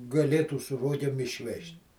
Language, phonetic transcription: Lithuanian, gaˈlėtų su ˈrogėm išˈvežt'

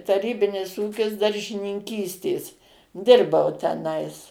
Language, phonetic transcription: Lithuanian, taˈrybinis ˈūkis daržininˈkystės ˈdirbau teˈnais

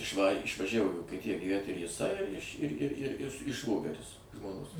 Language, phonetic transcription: Lithuanian, išˈvarė išvaˈžævo į vokieˈtija gyˈvæt ir jiˈsai iš ir ir ir i ˈšvogeris žmoˈnos

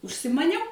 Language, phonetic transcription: Lithuanian, užsimaˈniau

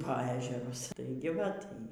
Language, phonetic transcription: Lithuanian, po ˈežerus ˈtaigi vat ˈy

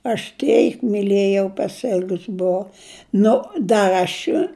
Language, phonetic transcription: Lithuanian, aš ˈteik miˈlėjau pasˈil'gus buˈvau ˈnu dar' aš

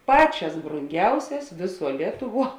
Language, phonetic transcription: Lithuanian, ˈpaˌčias bronˈgiausias ˈvėˌsuo ˈlietuˌvuo

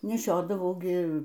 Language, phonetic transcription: Lithuanian, neˈšiodavau ˈgi

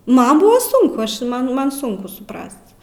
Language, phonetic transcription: Lithuanian, ˈman ˈbuva ˈsunku ˈaš ˈman ˈman ˈsunku suˈprast

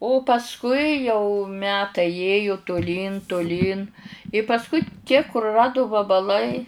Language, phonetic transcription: Lithuanian, o pasˈkui jau ˈmetai ˈėju tuˈlyn tuˈlyn i pasˈkui tie kuruˈradu vabaˈlai

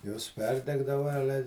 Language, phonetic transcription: Lithuanian, jos ˈperdegdava ˈale

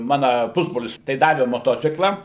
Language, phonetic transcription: Lithuanian, ˈmana ˈpusbrolis tai ˈdave moˈtocikla

